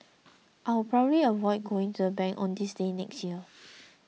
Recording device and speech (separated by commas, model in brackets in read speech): mobile phone (iPhone 6), read sentence